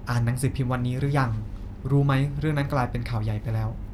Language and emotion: Thai, neutral